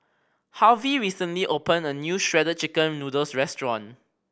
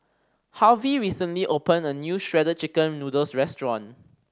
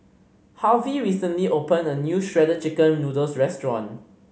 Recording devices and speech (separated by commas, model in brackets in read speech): boundary microphone (BM630), standing microphone (AKG C214), mobile phone (Samsung C5010), read sentence